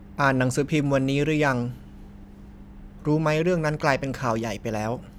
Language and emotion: Thai, neutral